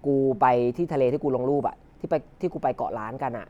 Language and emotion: Thai, neutral